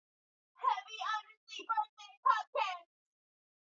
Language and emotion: English, sad